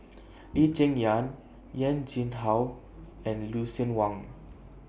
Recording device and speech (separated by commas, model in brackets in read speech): boundary microphone (BM630), read sentence